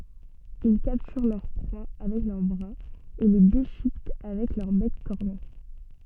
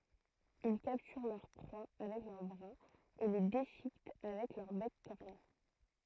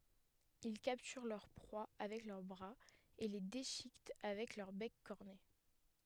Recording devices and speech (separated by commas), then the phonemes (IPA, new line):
soft in-ear microphone, throat microphone, headset microphone, read sentence
il kaptyʁ lœʁ pʁwa avɛk lœʁ bʁaz e le deʃikɛt avɛk lœʁ bɛk kɔʁne